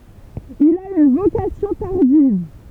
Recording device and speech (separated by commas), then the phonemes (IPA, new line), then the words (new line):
temple vibration pickup, read sentence
il a yn vokasjɔ̃ taʁdiv
Il a une vocation tardive.